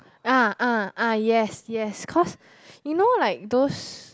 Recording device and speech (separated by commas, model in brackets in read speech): close-talking microphone, conversation in the same room